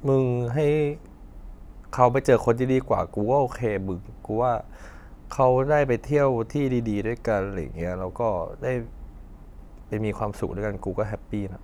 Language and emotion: Thai, sad